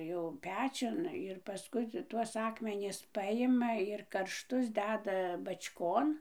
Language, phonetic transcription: Lithuanian, jau ˈpečiun ir paˈskui tuos ˈakmenis ˈpajima ir karšˈtus ˈdeda bač'ˈkon

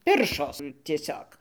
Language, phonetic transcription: Lithuanian, ˈpiršos tieˈsiog

